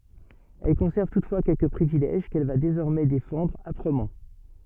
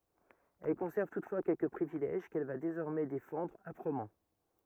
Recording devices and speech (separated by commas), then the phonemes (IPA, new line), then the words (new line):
soft in-ear microphone, rigid in-ear microphone, read sentence
ɛl kɔ̃sɛʁv tutfwa kɛlkə pʁivilɛʒ kɛl va dezɔʁmɛ defɑ̃dʁ apʁəmɑ̃
Elle conserve toutefois quelques privilèges qu’elle va désormais défendre âprement.